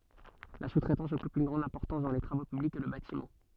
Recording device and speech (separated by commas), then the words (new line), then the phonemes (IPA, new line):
soft in-ear microphone, read sentence
La sous-traitance occupe une grande importance dans les travaux publics et le bâtiment.
la su tʁɛtɑ̃s ɔkyp yn ɡʁɑ̃d ɛ̃pɔʁtɑ̃s dɑ̃ le tʁavo pyblikz e lə batimɑ̃